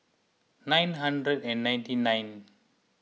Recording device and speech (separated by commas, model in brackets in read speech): mobile phone (iPhone 6), read sentence